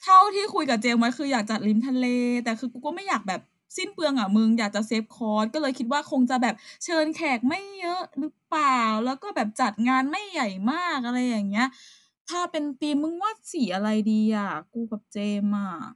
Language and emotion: Thai, frustrated